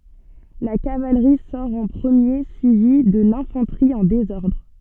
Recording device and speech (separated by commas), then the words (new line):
soft in-ear microphone, read sentence
La cavalerie sort en premier, suivie de l'infanterie en désordre.